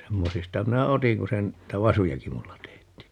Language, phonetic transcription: Finnish, 'semmosista 'minä "otiŋ ku se n- , 'niⁱtä "vasujaki 'mulla 'teetti .
- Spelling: semmoisista minä otin kun se - niitä vasujakin minulla teetti

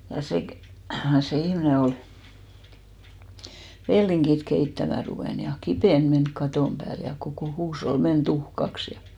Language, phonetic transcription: Finnish, ja 'se kᵉ- , se 'ihmⁱne ol , 'velliŋkit keittämä 'ruvèn ja "kipèn 'menk "katòm 'pääl ja kokò 'huushol 'men "tuhkaks ja .
- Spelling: ja se - se ihminen oli vellinkiä keittämään ruvennut ja kipinä mennyt katon päälle ja koko huusholli meni tuhkaksi ja

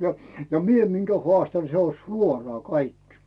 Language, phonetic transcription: Finnish, ja , ja 'mie miŋkä "hoàstan se on̬ "suoraa 'kaikkɪ .
- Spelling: ja ja minä minkä haastan se on suoraan kaikki

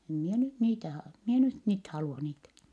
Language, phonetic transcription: Finnish, em mie nyt niitä ha- , mi ‿e nyt niit halua niitä . »
- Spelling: en minä nyt niitä - minä en nyt niitä halua niitä

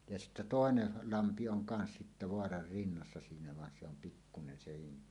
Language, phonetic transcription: Finnish, ja sittä "tòenel 'lampi oŋ kans sittä "voarar 'rinnassa siinä van se ‿om 'pikkunen sehin ni ,.
- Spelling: ja sitten toinen lampi on kanssa sitten vaaran rinnassa siinä vaan se on pikkunen sekin niin

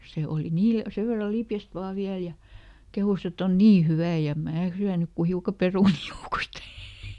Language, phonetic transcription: Finnish, ˈse oli ˈniil- , ˈsev verra "lipjäst ˈvaa ˈviäl ja , ˈkehus ‿eˈt ‿on "nii ˈhyvä̀ ja em "mää syänyk ku ˈhiuka "perunì ˈjoukost .
- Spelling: se oli - sen verran lipeäinen vain vielä ja kehui että on niin hyvää ja en minä syönyt kuin hiukan perunoita joukosta

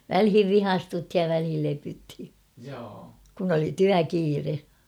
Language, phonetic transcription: Finnish, 'välhiv "vihastuthij ja välhil 'lepythi , kun ‿oli "tyä'kiire .
- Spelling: väliin vihastuttiin ja väliin lepyttiin kun oli työkiire

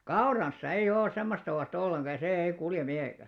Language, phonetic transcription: Finnish, kauranssa 'eiʲ ‿òˡ 'semmosta 'o₍as't ‿olleŋɢa ja 'sè 'ei kulje 'mihèkä .
- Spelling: kaurassa ei ole semmoista oasta ollenkaan ja se ei kulje mihinkään

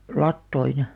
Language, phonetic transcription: Finnish, lattoin .
- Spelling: latoihin

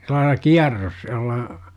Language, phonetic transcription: Finnish, 'sellaila "kiarros , jol̆la ,.
- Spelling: sillä lailla kierros jolla

